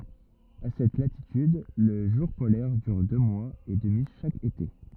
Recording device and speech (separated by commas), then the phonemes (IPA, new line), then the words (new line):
rigid in-ear microphone, read sentence
a sɛt latityd lə ʒuʁ polɛʁ dyʁ dø mwaz e dəmi ʃak ete
À cette latitude, le jour polaire dure deux mois et demi chaque été.